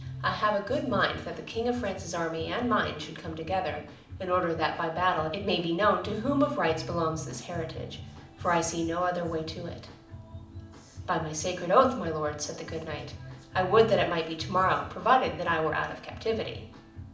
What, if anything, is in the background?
Music.